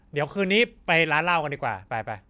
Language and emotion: Thai, happy